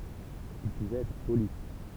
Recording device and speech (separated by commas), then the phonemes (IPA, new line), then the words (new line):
temple vibration pickup, read sentence
il puvɛt ɛtʁ poli
Il pouvait être poli.